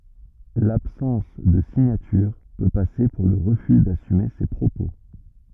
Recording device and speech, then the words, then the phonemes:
rigid in-ear microphone, read sentence
L'absence de signature peut passer pour le refus d'assumer ses propos.
labsɑ̃s də siɲatyʁ pø pase puʁ lə ʁəfy dasyme se pʁopo

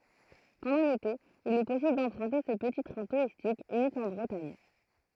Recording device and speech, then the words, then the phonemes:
throat microphone, read sentence
Pendant l'été, il est possible d'emprunter ce petit train touristique unique en Bretagne.
pɑ̃dɑ̃ lete il ɛ pɔsibl dɑ̃pʁœ̃te sə pəti tʁɛ̃ tuʁistik ynik ɑ̃ bʁətaɲ

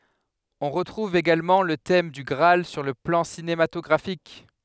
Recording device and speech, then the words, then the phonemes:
headset microphone, read sentence
On retrouve également le thème du Graal sur le plan cinématographique.
ɔ̃ ʁətʁuv eɡalmɑ̃ lə tɛm dy ɡʁaal syʁ lə plɑ̃ sinematɔɡʁafik

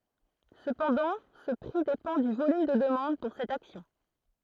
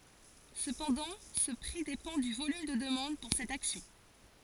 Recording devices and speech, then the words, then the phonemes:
throat microphone, forehead accelerometer, read sentence
Cependant ce prix dépend du volume de demande pour cette action.
səpɑ̃dɑ̃ sə pʁi depɑ̃ dy volym də dəmɑ̃d puʁ sɛt aksjɔ̃

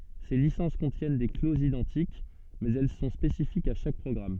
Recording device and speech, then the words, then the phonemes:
soft in-ear microphone, read sentence
Ces licences contiennent des clauses identiques, mais elles sont spécifiques à chaque programme.
se lisɑ̃s kɔ̃tjɛn de klozz idɑ̃tik mɛz ɛl sɔ̃ spesifikz a ʃak pʁɔɡʁam

